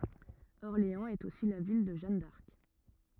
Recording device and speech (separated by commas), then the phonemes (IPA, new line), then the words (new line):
rigid in-ear microphone, read sentence
ɔʁleɑ̃z ɛt osi la vil də ʒan daʁk
Orléans est aussi la ville de Jeanne d'Arc.